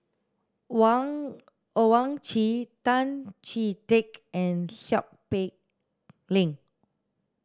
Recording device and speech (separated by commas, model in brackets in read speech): standing microphone (AKG C214), read sentence